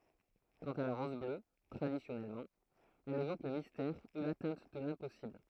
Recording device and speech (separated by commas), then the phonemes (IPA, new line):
throat microphone, read sentence
kɑ̃t a la ʁɔz blø tʁadisjɔnɛlmɑ̃ ɛl evok lə mistɛʁ u latɛ̃t də lɛ̃pɔsibl